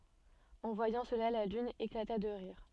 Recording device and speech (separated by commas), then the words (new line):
soft in-ear microphone, read sentence
En voyant cela la lune éclata de rire.